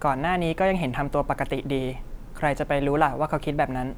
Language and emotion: Thai, neutral